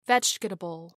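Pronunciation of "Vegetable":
'Vegetable' is said with all of its syllables pronounced, and the unstressed vowel is not dropped.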